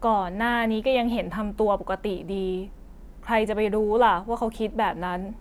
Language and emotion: Thai, frustrated